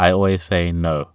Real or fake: real